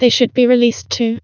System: TTS, vocoder